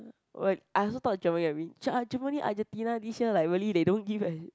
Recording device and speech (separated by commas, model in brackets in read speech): close-talking microphone, conversation in the same room